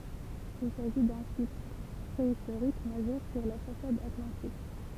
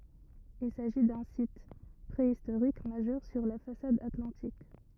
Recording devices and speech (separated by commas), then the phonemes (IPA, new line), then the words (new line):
temple vibration pickup, rigid in-ear microphone, read sentence
il saʒi dœ̃ sit pʁeistoʁik maʒœʁ syʁ la fasad atlɑ̃tik
Il s’agit d’un site préhistorique majeur sur la façade atlantique.